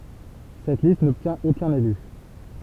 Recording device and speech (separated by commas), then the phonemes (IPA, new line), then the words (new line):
temple vibration pickup, read sentence
sɛt list nɔbtjɛ̃t okœ̃n ely
Cette liste n'obtient aucun élu.